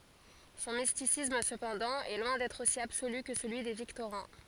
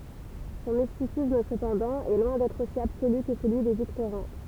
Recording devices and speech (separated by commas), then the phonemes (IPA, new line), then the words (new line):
forehead accelerometer, temple vibration pickup, read sentence
sɔ̃ mistisism səpɑ̃dɑ̃ ɛ lwɛ̃ dɛtʁ osi absoly kə səlyi de viktoʁɛ̃
Son mysticisme, cependant, est loin d'être aussi absolu que celui des Victorins.